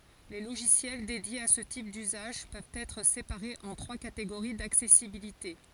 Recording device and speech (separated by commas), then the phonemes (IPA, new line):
forehead accelerometer, read sentence
le loʒisjɛl dedjez a sə tip dyzaʒ pøvt ɛtʁ sepaʁez ɑ̃ tʁwa kateɡoʁi daksɛsibilite